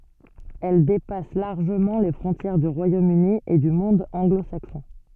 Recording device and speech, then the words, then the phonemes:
soft in-ear microphone, read sentence
Elle dépasse largement les frontières du Royaume-Uni et du monde anglo-saxon.
ɛl depas laʁʒəmɑ̃ le fʁɔ̃tjɛʁ dy ʁwajom yni e dy mɔ̃d ɑ̃ɡlo saksɔ̃

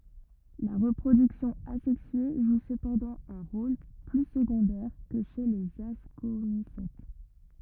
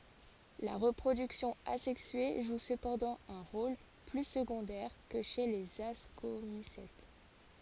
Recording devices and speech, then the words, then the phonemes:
rigid in-ear microphone, forehead accelerometer, read sentence
La reproduction asexuée joue cependant un rôle plus secondaire que chez les Ascomycètes.
la ʁəpʁodyksjɔ̃ azɛksye ʒu səpɑ̃dɑ̃ œ̃ ʁol ply səɡɔ̃dɛʁ kə ʃe lez askomisɛt

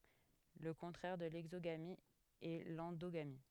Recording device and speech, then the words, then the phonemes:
headset microphone, read sentence
Le contraire de l'exogamie est l'endogamie.
lə kɔ̃tʁɛʁ də lɛɡzoɡami ɛ lɑ̃doɡami

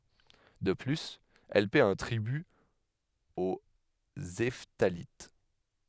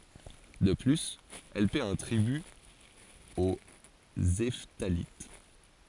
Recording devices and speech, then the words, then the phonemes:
headset microphone, forehead accelerometer, read sentence
De plus, elle paie un tribut aux Hephthalites.
də plyz ɛl pɛ œ̃ tʁiby o ɛftalit

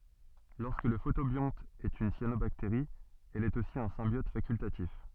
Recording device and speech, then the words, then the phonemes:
soft in-ear microphone, read sentence
Lorsque le photobionte est une cyanobactérie, elle est aussi un symbiote facultatif.
lɔʁskə lə fotobjɔ̃t ɛt yn sjanobakteʁi ɛl ɛt osi œ̃ sɛ̃bjɔt fakyltatif

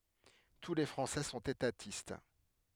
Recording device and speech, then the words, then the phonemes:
headset microphone, read sentence
Tous les Français sont étatistes.
tu le fʁɑ̃sɛ sɔ̃t etatist

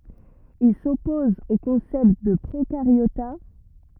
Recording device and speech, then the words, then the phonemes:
rigid in-ear microphone, read sentence
Il s'oppose au concept de Prokaryota.
il sɔpɔz o kɔ̃sɛpt də pʁokaʁjota

